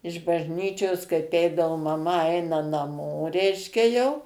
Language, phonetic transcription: Lithuanian, iš bažˈnyčios kaip ˈeidavo maˈma ˈaina naˈmo ˈreiškia jau

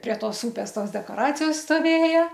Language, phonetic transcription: Lithuanian, prie ˈtos ˈupės ˈtos dekoˈracijos stoˈvėja

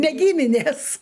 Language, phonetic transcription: Lithuanian, ne ˈgyminės

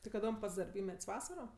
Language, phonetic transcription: Lithuanian, ti kaˈdom ˈpats darˈbymet's' ˈvasaro

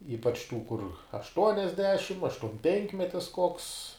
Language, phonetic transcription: Lithuanian, ˈypač tų kur ašˈtuoniasdešim aštuomˈpenkmetis koks

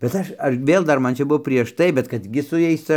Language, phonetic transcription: Lithuanian, bet ˈaš ˈaš ˈvėl ˈdar ˈman čia ˈbuo prieš ˈtai bet ˈkad gi su ˈjais ˈca

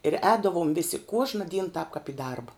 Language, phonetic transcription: Lithuanian, ir ˈēdavom ˈvisi ˈkuožna dyn tāp kap i ˈdarba

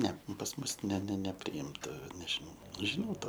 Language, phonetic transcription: Lithuanian, ˈne pas ˈmus ne ne nepriˈimta nežiˈnau žiˈnau ˈtą

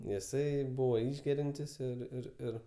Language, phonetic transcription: Lithuanian, jiˈsai ˈbūvo ˈišgeriantis ir ir ˈir

